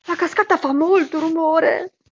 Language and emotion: Italian, fearful